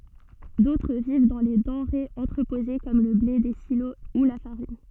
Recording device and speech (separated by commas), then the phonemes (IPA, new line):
soft in-ear microphone, read sentence
dotʁ viv dɑ̃ le dɑ̃ʁez ɑ̃tʁəpoze kɔm lə ble de silo u la faʁin